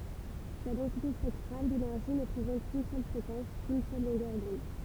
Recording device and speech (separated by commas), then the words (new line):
temple vibration pickup, read sentence
Sa densité spectrale d'énergie ne présente qu'une seule fréquence, qu'une seule longueur d'onde.